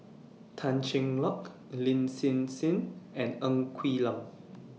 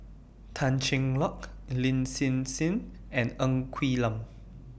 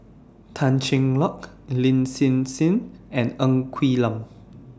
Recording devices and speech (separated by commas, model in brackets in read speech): mobile phone (iPhone 6), boundary microphone (BM630), standing microphone (AKG C214), read sentence